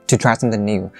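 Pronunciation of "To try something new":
The voice falls a little on 'new', but 'new' is also stressed by slowing it down and dragging it out a bit more.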